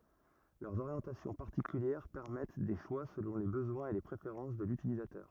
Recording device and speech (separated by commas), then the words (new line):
rigid in-ear microphone, read sentence
Leurs orientations particulières permettent des choix selon les besoins et les préférences de l'utilisateur.